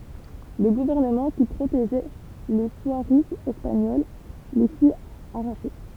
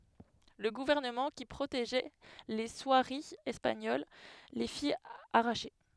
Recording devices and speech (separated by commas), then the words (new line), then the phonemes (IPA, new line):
temple vibration pickup, headset microphone, read sentence
Le gouvernement qui protégeait les soieries espagnoles les fit arracher.
lə ɡuvɛʁnəmɑ̃ ki pʁoteʒɛ le swaʁiz ɛspaɲol le fi aʁaʃe